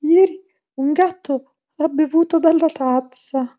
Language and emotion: Italian, fearful